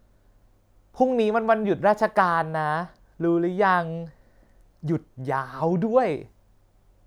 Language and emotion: Thai, happy